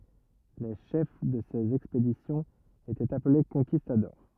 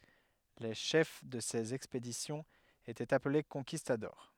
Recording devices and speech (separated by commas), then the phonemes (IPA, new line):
rigid in-ear microphone, headset microphone, read sentence
le ʃɛf də sez ɛkspedisjɔ̃z etɛt aple kɔ̃kistadɔʁ